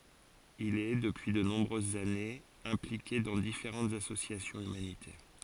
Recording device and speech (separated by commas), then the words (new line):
forehead accelerometer, read sentence
Il est, depuis de nombreuses années, impliqué dans différentes associations humanitaires.